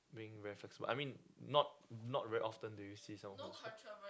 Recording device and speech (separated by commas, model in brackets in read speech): close-talking microphone, conversation in the same room